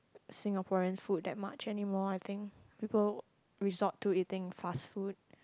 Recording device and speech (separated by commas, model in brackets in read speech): close-talking microphone, conversation in the same room